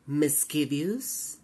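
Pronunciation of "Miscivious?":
'Mischievous' is pronounced incorrectly here.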